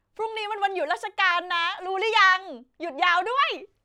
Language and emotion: Thai, happy